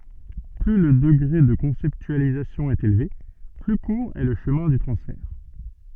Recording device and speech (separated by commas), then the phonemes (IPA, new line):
soft in-ear microphone, read sentence
ply lə dəɡʁe də kɔ̃sɛptyalizasjɔ̃ ɛt elve ply kuʁ ɛ lə ʃəmɛ̃ dy tʁɑ̃sfɛʁ